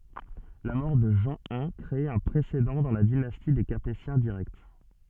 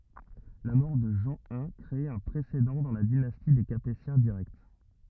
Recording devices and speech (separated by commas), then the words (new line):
soft in-ear microphone, rigid in-ear microphone, read sentence
La mort de Jean I crée un précédent dans la dynastie des Capétiens directs.